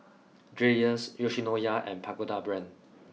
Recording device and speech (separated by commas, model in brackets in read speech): mobile phone (iPhone 6), read sentence